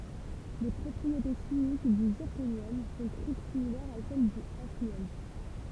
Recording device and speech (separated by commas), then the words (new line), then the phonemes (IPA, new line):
temple vibration pickup, read sentence
Les propriétés chimiques du zirconium sont très similaires à celles du hafnium.
le pʁɔpʁiete ʃimik dy ziʁkonjɔm sɔ̃ tʁɛ similɛʁz a sɛl dy afnjɔm